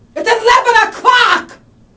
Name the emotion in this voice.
angry